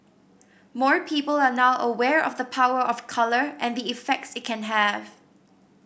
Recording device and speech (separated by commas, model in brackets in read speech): boundary microphone (BM630), read sentence